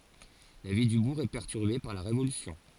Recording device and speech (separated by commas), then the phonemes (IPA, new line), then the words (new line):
forehead accelerometer, read sentence
la vi dy buʁ ɛ pɛʁtyʁbe paʁ la ʁevolysjɔ̃
La vie du bourg est perturbée par la Révolution.